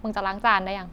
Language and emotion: Thai, frustrated